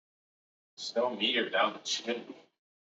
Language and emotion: English, disgusted